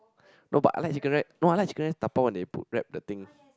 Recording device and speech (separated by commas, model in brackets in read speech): close-talking microphone, conversation in the same room